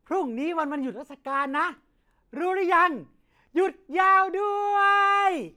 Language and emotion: Thai, happy